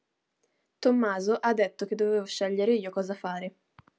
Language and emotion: Italian, neutral